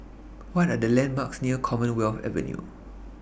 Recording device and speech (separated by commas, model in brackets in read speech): boundary microphone (BM630), read sentence